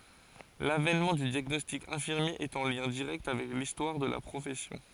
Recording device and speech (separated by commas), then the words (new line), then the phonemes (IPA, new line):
forehead accelerometer, read sentence
L'avènement du diagnostic infirmier est en lien direct avec l'histoire de la profession.
lavɛnmɑ̃ dy djaɡnɔstik ɛ̃fiʁmje ɛt ɑ̃ ljɛ̃ diʁɛkt avɛk listwaʁ də la pʁofɛsjɔ̃